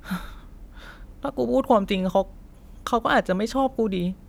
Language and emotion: Thai, sad